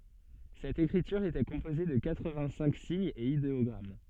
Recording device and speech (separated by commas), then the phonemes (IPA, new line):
soft in-ear microphone, read sentence
sɛt ekʁityʁ etɛ kɔ̃poze də katʁəvɛ̃ɡtsɛ̃k siɲz e ideɔɡʁam